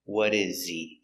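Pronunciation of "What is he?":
In 'What is he', 'he' is unstressed and its h is silent. The t in 'what' sounds like a d.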